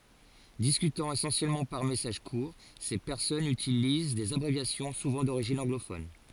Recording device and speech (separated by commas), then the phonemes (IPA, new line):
forehead accelerometer, read sentence
diskytɑ̃ esɑ̃sjɛlmɑ̃ paʁ mɛsaʒ kuʁ se pɛʁsɔnz ytiliz dez abʁevjasjɔ̃ suvɑ̃ doʁiʒin ɑ̃ɡlofɔn